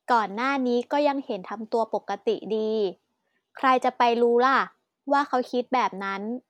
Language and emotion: Thai, neutral